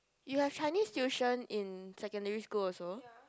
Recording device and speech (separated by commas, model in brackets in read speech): close-talking microphone, conversation in the same room